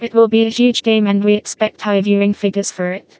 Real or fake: fake